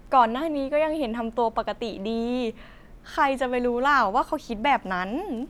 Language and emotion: Thai, happy